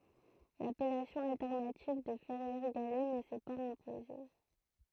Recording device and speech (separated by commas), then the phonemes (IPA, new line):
throat microphone, read sentence
lapɛlasjɔ̃ altɛʁnativ də fɛʁjɛʁ ɡalɛ nə sɛ paz ɛ̃poze